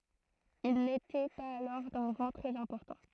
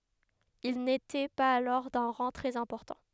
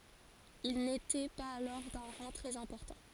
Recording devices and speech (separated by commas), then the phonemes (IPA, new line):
throat microphone, headset microphone, forehead accelerometer, read sentence
il netɛ paz alɔʁ dœ̃ ʁɑ̃ tʁɛz ɛ̃pɔʁtɑ̃